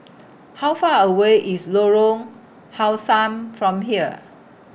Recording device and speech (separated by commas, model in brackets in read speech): boundary microphone (BM630), read sentence